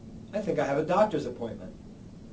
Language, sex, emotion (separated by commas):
English, male, neutral